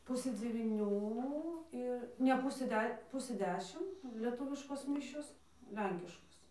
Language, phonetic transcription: Lithuanian, ˈpusɘ dzevyˈnių ˈir ne ˈpusɘ ˈde ˈpusɘ ˈdešim lieˈtuviškos ˈmišios ˈlenkiškos

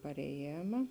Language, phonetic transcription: Lithuanian, pareˈjėma

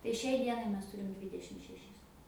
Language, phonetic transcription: Lithuanian, tai ˈšiai ˈdienai ˈmes ˈtūrim ˈdvydešim šeˈšis

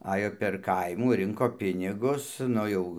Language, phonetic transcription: Lithuanian, ˈajo per ˈkaimų ˈrinko ˈpinigus ˈnu jau

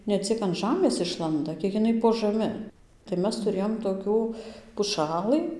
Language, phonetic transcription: Lithuanian, ne ˈciek an ˈžamės ˈišlanda ˈkiek iˈnai po žaˈmi tai ˈmes tuˈrėjom toˈkių puˈšalɨ

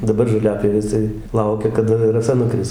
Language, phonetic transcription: Lithuanian, daˈbar žoˈliapjovės tai ˈlaukia kaˈda raˈsa nuˈkris

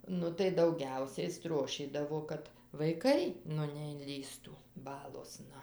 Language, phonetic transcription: Lithuanian, ˈnu tai dauˈgiausiai ˈstrošydavo ˈkad vaiˈkai ˈnu neinˈlįstų ˈbalosna

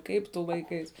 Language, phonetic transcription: Lithuanian, ˈkaip tu ˈlaiˌkais

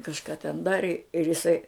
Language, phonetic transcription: Lithuanian, kažˈka ten ˈdari ir iˈsai

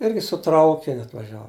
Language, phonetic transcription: Lithuanian, ˈirgi su ˈtraukiniu atvaˈžiavu

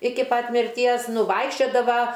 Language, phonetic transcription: Lithuanian, ˈiki ˈpat mirˈties ˈnu ˈvaikščiodava

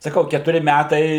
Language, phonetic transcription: Lithuanian, saˈkau ketuˈri ˈmætai

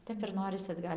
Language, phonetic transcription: Lithuanian, ˈtep ir ˈnorisi atˈgal'

